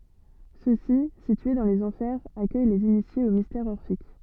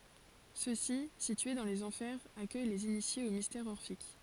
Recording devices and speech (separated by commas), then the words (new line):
soft in-ear microphone, forehead accelerometer, read sentence
Ceux-ci, situés dans les Enfers, accueillent les initiés aux mystères orphiques.